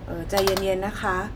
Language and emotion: Thai, neutral